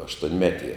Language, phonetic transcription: Lithuanian, aštuonˈmetie

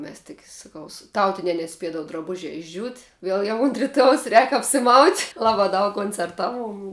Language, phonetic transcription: Lithuanian, ˈmes tik saˈkau su ˈtautinia neˈspiedavu draˈbužia išˈdžiūt ˈviel jau unt riˈtuojaus rēk apsiˈmaut' ˈlabā daug koncerˈtaˌvuom

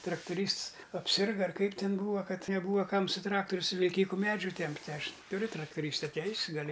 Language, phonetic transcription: Lithuanian, traktuˈrysts apˈsirga ar ˈkaip ˈtin ˈbūva ˈkad neˈbūva ˈkam su ˈtrakturiu su vilˈkyku ˈmedžių ˈtempti ˈaš tuˈriu traktuˈrysta ˈteis' gaˈli

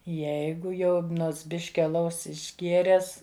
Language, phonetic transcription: Lithuanian, ˈjeigu jau ˈnots ˈbiški aˈlaus išˈgėres

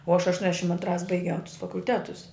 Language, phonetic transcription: Lithuanian, uo aš ašˈtuonešim antˈrās baiˈgiau tus fakulˈtetus

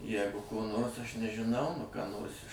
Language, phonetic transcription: Lithuanian, ˈjegu ko ˈnors ˈaš nežiˈnau nu ką ˈnors iš

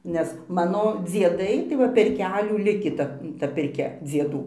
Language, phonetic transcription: Lithuanian, nes ˈmano dzieˈdai tai ˈva per ˈkelių ˈlikį ˈta ta pirˈkia dzieˈdų

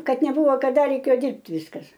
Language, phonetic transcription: Lithuanian, ˈkad neˈbuvo kaˈda reiˈkėjo ˈdirbt' ˈviskas

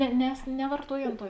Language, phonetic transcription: Lithuanian, ne nes nevarˈtuoj ˈan ˈtuo

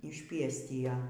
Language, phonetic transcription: Lithuanian, išˈpiestija

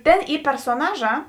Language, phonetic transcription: Lithuanian, ˈtėn ˈy persoˈnaˌžā

